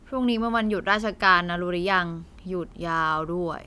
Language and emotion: Thai, frustrated